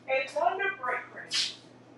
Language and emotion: English, happy